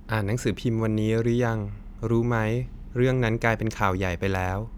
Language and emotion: Thai, neutral